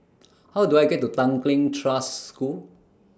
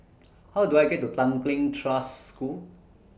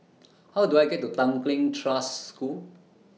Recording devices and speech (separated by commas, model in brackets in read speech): standing microphone (AKG C214), boundary microphone (BM630), mobile phone (iPhone 6), read sentence